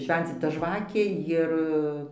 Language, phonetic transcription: Lithuanian, ˈšvencita ˈžvakė ˈjir

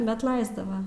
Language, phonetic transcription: Lithuanian, bet ˈlaisdava

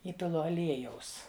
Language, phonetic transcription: Lithuanian, ˈįpilu aˈliejaus

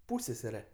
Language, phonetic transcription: Lithuanian, ˈpūssesere

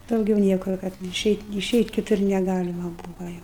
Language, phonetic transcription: Lithuanian, ˈdaugiau ˈniekur kad iˈšeit' iˈšeit' kiˈtur neˈgalima ˈbūvo ˈjau

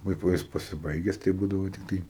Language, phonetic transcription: Lithuanian, ˈkaip va ˈjis pasiˈbaiges tai ˈbūdavo tikˈtai

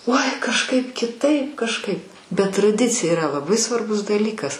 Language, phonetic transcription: Lithuanian, uoi kažˈkaip kiˈtaip kažˈkaip bet traˈdicija iˈra laˈbai svarˈbus daˈlykas

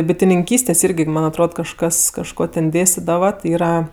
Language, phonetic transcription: Lithuanian, bitininˈkystės ˈirgi ˈman' atˈrod kažˈkas kažˈko ten ˈdėstidava ti ˈyra

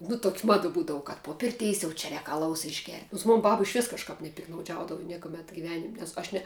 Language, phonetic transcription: Lithuanian, nu tok' ˈmada ˈbūdavu kad po ˈpirteis jau čia ˈrēk aˈlaus išˈgert' nons ˈmon ˈbab išˈvis kažˈkap nepiktnauˈdžiaudavu ˈniekumet giˈvenim' nes ˈaš ne

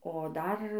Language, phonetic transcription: Lithuanian, o ˈdar

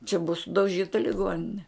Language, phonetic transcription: Lithuanian, čia bua sudauˈžyta liˈgonine

